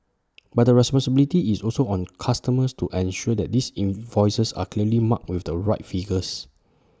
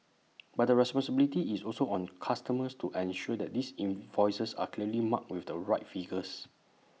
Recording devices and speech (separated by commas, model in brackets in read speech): standing microphone (AKG C214), mobile phone (iPhone 6), read sentence